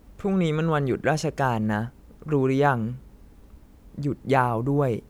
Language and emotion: Thai, neutral